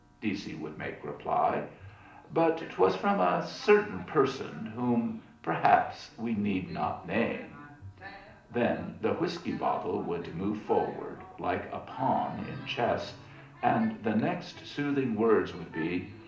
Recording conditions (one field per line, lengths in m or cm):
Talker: one person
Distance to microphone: 2.0 m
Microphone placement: close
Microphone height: 99 cm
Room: medium-sized (5.7 m by 4.0 m)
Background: television